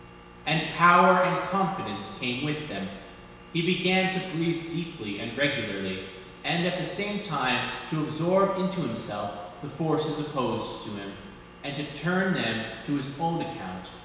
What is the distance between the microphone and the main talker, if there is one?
1.7 m.